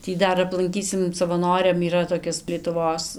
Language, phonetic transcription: Lithuanian, ˈtį ˈdar aplanˈkysim savaˈnoriam yˈra toˈkis lietuˈvos

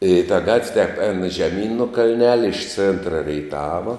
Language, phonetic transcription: Lithuanian, i ta ˈgatv' tep ēn žeˈmyn nu kalˈnelia iš ˈcėntra reiˈtava

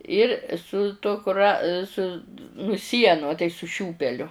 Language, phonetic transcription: Lithuanian, ir su ˈtuo kuˈra su nu ˈsienu a tai su ˈšiūpeliu

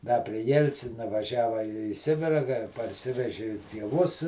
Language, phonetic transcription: Lithuanian, da pri ˈjelcina vaˈžiava į ˈsibira ka parˈsiveži tieˈvus

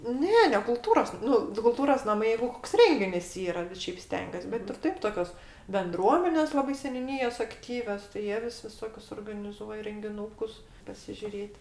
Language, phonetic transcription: Lithuanian, ˈne ne kuˈltūros ˈnu ti kulˈtūros naˈmai ˈjeigu ˈkoks ˈrenginis ˈyra ˈšeip ˈstengiuos bet ir ˈtaip toˈkios benˈdruomenės ˈlabai seniūˈnyjos akˈtyvios tai ˈjie vis viˈsokius organiˈzuoja rengiˈnūkus pasižiuˈrėt'

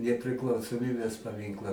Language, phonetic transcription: Lithuanian, nepriklausoˈmybės paˈminkla

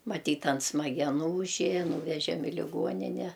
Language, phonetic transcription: Lithuanian, maˈtyt an smageˈnų užˈėja ˈnūvežem i liˈguonine

